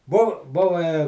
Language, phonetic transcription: Lithuanian, bu ˈbuva

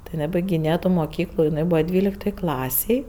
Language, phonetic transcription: Lithuanian, tai jiˈnai baigiˈnėja ˈtų moˈkyklu jiˈnai ˈbūva ˈdvyliktoj ˈklasėj

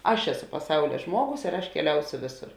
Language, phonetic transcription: Lithuanian, ˈaš ˈeˌsu paˈsaulia ˈžmuoˌgus ir aš keˈliausio ˈvėˌsur

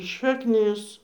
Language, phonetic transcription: Lithuanian, šakˈnis

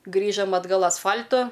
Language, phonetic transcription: Lithuanian, ˈgrįžam atˈgal asˈfal'tu

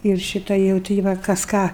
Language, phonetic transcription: Lithuanian, ir ˈšyta jau ˈti va kas ˈką

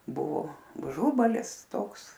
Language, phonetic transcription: Lithuanian, ˈbuvo uˈžubalis ˈtoks

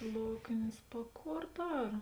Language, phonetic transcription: Lithuanian, ˈloknės pa ˈkor ˈdar

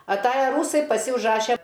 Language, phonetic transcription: Lithuanian, aˈtaja ˈrūsai paˈsi užˈraše

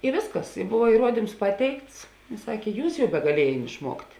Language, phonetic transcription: Lithuanian, i ˈvėsˌkas i buva įˈruodims ˈpaˌteikts ˈsakė ˈjūs jau begaˈliejėn išˈmuokt'

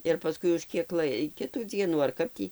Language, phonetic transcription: Lithuanian, ir paˈskui už ˈkiek ˈlai ˈkitų ˈdzienų ar ˈkap tį

